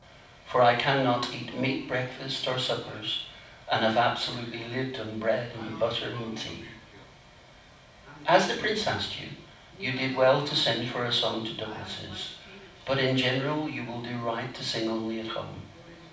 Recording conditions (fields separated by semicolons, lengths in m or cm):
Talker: one person; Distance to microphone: 5.8 m; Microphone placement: far; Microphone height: 1.8 m; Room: medium-sized (5.7 m by 4.0 m); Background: television